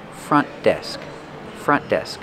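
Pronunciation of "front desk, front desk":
In 'front desk', 'front' has the short uh sound and ends in a stop T that is not released, and the two words are linked.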